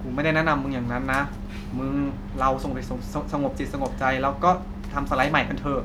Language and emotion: Thai, neutral